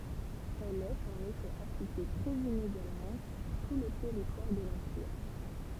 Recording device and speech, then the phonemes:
temple vibration pickup, read sentence
ɛl ɛt ɑ̃n efɛ aplike tʁɛz ineɡalmɑ̃ syʁ tu lə tɛʁitwaʁ də lɑ̃piʁ

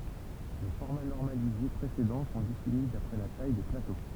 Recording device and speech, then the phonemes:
temple vibration pickup, read sentence
le fɔʁma nɔʁmalize pʁesedɑ̃ sɔ̃ defini dapʁɛ la taj de plato

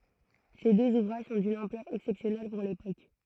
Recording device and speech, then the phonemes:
throat microphone, read sentence
se døz uvʁaʒ sɔ̃ dyn ɑ̃plœʁ ɛksɛpsjɔnɛl puʁ lepok

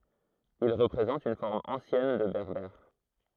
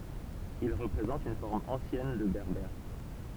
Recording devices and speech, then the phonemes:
throat microphone, temple vibration pickup, read sentence
il ʁəpʁezɑ̃t yn fɔʁm ɑ̃sjɛn də bɛʁbɛʁ

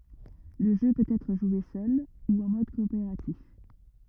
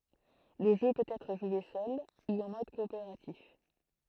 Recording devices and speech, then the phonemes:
rigid in-ear microphone, throat microphone, read sentence
lə ʒø pøt ɛtʁ ʒwe sœl u ɑ̃ mɔd kɔopeʁatif

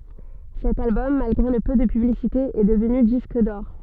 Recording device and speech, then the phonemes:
soft in-ear microphone, read sentence
sɛt albɔm malɡʁe lə pø də pyblisite ɛ dəvny disk dɔʁ

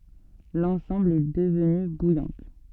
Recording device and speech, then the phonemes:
soft in-ear microphone, read sentence
lɑ̃sɑ̃bl ɛ dəvny bujɑ̃t

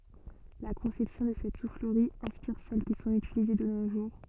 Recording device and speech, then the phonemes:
soft in-ear microphone, read sentence
la kɔ̃sɛpsjɔ̃ də sɛt sufləʁi ɛ̃spiʁ sɛl ki sɔ̃t ytilize də no ʒuʁ

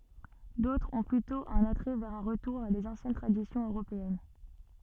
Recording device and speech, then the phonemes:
soft in-ear microphone, read sentence
dotʁz ɔ̃ plytɔ̃ œ̃n atʁɛ vɛʁ œ̃ ʁətuʁ a dez ɑ̃sjɛn tʁadisjɔ̃z øʁopeɛn

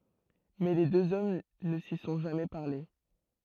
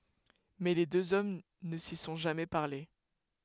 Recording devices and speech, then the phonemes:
throat microphone, headset microphone, read sentence
mɛ le døz ɔm nə si sɔ̃ ʒamɛ paʁle

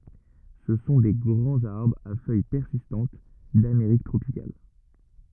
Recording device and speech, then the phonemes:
rigid in-ear microphone, read sentence
sə sɔ̃ de ɡʁɑ̃z aʁbʁz a fœj pɛʁsistɑ̃t dameʁik tʁopikal

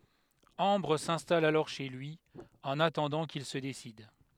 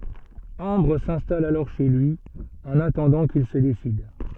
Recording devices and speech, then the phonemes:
headset microphone, soft in-ear microphone, read sentence
ɑ̃bʁ sɛ̃stal alɔʁ ʃe lyi ɑ̃n atɑ̃dɑ̃ kil sə desid

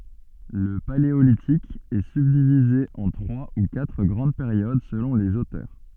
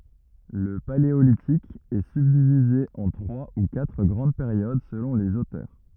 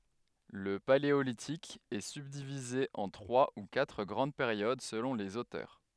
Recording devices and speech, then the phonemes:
soft in-ear microphone, rigid in-ear microphone, headset microphone, read sentence
lə paleolitik ɛ sybdivize ɑ̃ tʁwa u katʁ ɡʁɑ̃d peʁjod səlɔ̃ lez otœʁ

